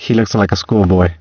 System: VC, spectral filtering